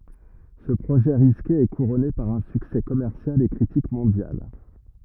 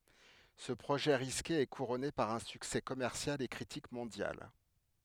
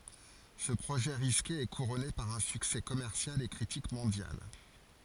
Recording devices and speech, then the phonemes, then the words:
rigid in-ear microphone, headset microphone, forehead accelerometer, read sentence
sə pʁoʒɛ ʁiske ɛ kuʁɔne paʁ œ̃ syksɛ kɔmɛʁsjal e kʁitik mɔ̃djal
Ce projet risqué est couronné par un succès commercial et critique mondial.

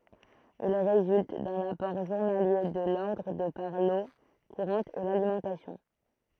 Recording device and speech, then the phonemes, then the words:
throat microphone, read sentence
il ʁezylt dœ̃n apɔʁ ʒuʁnalje də lɔʁdʁ də paʁ lo kuʁɑ̃t e lalimɑ̃tasjɔ̃
Il résulte d'un apport journalier de l'ordre de par l'eau courante et l'alimentation.

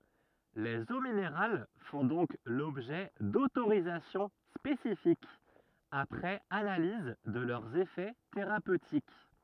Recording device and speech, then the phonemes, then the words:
rigid in-ear microphone, read sentence
lez o mineʁal fɔ̃ dɔ̃k lɔbʒɛ dotoʁizasjɔ̃ spesifikz apʁɛz analiz də lœʁz efɛ teʁapøtik
Les eaux minérales font donc l'objet d'autorisations spécifiques, après analyse de leurs effets thérapeutiques.

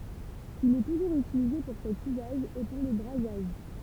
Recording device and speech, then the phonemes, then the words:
temple vibration pickup, read sentence
il ɛ tuʒuʁz ytilize puʁ sɛt yzaʒ e puʁ lə bʁazaʒ
Il est toujours utilisé pour cet usage, et pour le brasage.

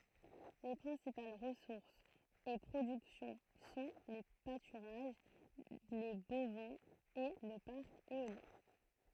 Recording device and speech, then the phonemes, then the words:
throat microphone, read sentence
le pʁɛ̃sipal ʁəsuʁsz e pʁodyksjɔ̃ sɔ̃ le patyʁaʒ le bovɛ̃z e lə paʁk eoljɛ̃
Les principales ressources et productions sont les pâturages, les bovins et le parc éolien.

